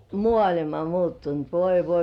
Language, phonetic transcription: Finnish, 'mŏàĺima muuttunt "voi "voi .
- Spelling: maailma muuttunut voi voi

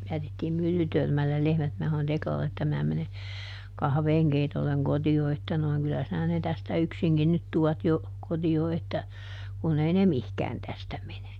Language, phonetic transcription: Finnish, ˈjätettiim ˈMyllytörmällel ˈlehmät - minä sanon ˈTeklalle että » ˈmää mene , ˈkahveeŋkeitolleŋ ˈkoti₍o että ˈnoi̮ŋ kyllä sinä ne ˈtästä "yksiŋkin nyt ˈtuat jo , ˈkoti₍o että , kun ei ne "mihkään ˈtästä mene » .
- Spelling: jätettiin Myllytörmälle lehmät minä sanoin Teklalle että minä menen kahvinkeitolle kotiin että noin kyllä sinä ne tästä yksinkin nyt tuot jo kotiin että kun ei ne mihinkään tästä mene

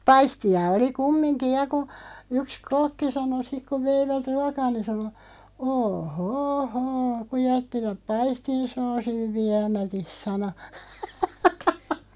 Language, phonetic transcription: Finnish, 'paisti₍a 'oli "kummiŋki "ja ku , 'yks "kokki 'sano 'sik ku 'veivät "ruakaa ni , 'sano » 'oo "hoo 'hoo , ku 'jättiväᵖ "paistin 'soosiv 'viämätis « sano .
- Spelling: paistia oli kumminkin ja kun yksi kokki sanoi sitten kun veivät ruokaa niin sanoi oo hoo hoo kun jättivät paistin soosin viemättä sanoi

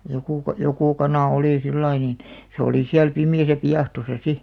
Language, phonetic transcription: Finnish, 'jokù ka- , "joku 'kanà 'olì 'sillai niin , se olì 'siäl 'pimi₍äsä 'piahtosa "si .
- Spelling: joku - joku kana oli sillä lailla niin se oli siellä pimeässä piahtossa sitten

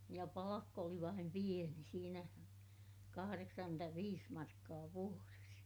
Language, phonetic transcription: Finnish, ja palakk ‿oli vaim pieni siinä , kahareksaŋkyntäviis markkaa vuores .
- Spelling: ja palkka oli vain pieni siinä kahdeksankymmentäviisi markkaa vuodessa

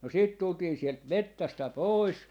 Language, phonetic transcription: Finnish, no 'siit 'tultiin sielt "mettästä "pois .
- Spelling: no sitten tultiin sieltä metsästä pois

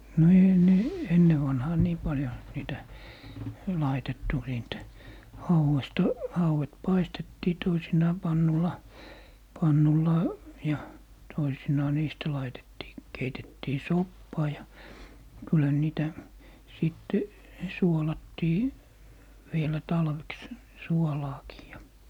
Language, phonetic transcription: Finnish, no 'ei ne , 'enne vanhaa "nii 'paljo , 'niitä , 'laitettu siint , "hauwesta , hauwet 'paistettii 'toisinaa 'pannula , 'pannullà , ja , 'toisinaa 'niistä 'laitettii , 'keitettii "soppaa ja , kylhä ne 'niitä , 'sìtte , 'suolattii , 'vielä "talveks , "suolaakii ja .
- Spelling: no ei ne ennen vanhaan niin paljon niitä laitettu siitä hauesta hauet paistettiin toisinaan pannulla pannulla ja toisinaan niistä laitettiin keitettiin soppaa ja kyllähän ne niitä sitten suolattiin vielä talveksi suolaakin ja

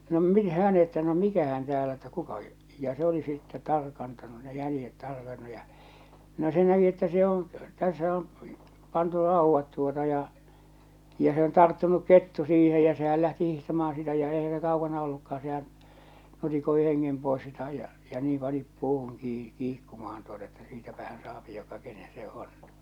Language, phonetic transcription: Finnish, no min- , 'hään että no "mikähän täälä että 'kuka , ja se ‿oli sitte "tarkantanu ne 'jälⁱjet 'tarkannu ja , no se näki että se oo̰ , tässä om , pantu 'ràuvvat tuota ja , ja se on 'tarttunuk 'kettu siihe jä sehäl lähti 'hihtamaaa̰ sitä ja eihä se 'kaukana olluka₍an sehää̰ , 'nutikoi 'heŋŋem pòes (sita) ja , ja niim pani , 'puuhuŋ kii- , 'kiikkumahan tuota että 'siitäpähän saapi joka kenen se 'on .
- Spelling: no - minähän että no mikähän täällä että kuka ja se oli sitten tarkantanut ne jäljet tarkannut ja no se näki että se on tässä on pantu raudat tuota ja ja se on tarttunut kettu siihen ja sehän lähti hiihtämään sitä ja eihän se kaukana ollutkaan sehän nutikoi hengen pois sitä ja ja niin pani puuhun - kiikkumaan tuota että siitäpähän saa joka kenen se on

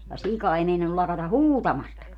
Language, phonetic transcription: Finnish, ja "sika ei 'meinannul 'lakata "huutamastaka .
- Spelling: ja sika ei meinannut lakata huutamastakaan

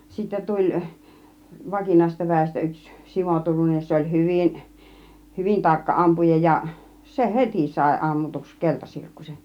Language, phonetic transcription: Finnish, sittä 'tuĺ , 'vakinàisesta 'vä̀istä yks , 'Simo 'Turunen ja 'se oĺ "hyvin , 'hyvin 'tarkka 'ˀampuja ja , se "heti sài 'ˀammutuks "keltasirkkusen̬ .
- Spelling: sitten tuli vakinaisesta väestä yksi Simo Turunen ja se oli hyvin hyvin tarkka ampuja ja se heti sai ammutuksi keltasirkkusen

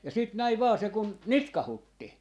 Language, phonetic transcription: Finnish, ja 'sit 'näi "vaa se kun , "nitkahutti .
- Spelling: ja sitten näin vain se kun nitkautti

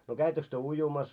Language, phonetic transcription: Finnish, no 'käittöks työ 'ujumas ?
- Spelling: no kävittekö te uimassa

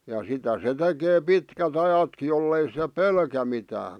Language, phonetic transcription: Finnish, ja 'sitä se 'tekee "pitkä't ‿ajatki 'jollei (se) "pelkä mitää .
- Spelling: ja sitä se tekee pitkät ajatkin jos ei se pelkää mitään

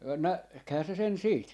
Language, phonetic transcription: Finnish, 'näkhää se sen 'siit .
- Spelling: näkihän se sen siitä

